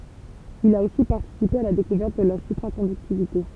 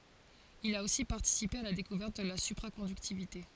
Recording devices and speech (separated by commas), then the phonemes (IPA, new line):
temple vibration pickup, forehead accelerometer, read sentence
il a osi paʁtisipe a la dekuvɛʁt də la sypʁakɔ̃dyktivite